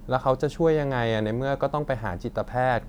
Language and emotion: Thai, frustrated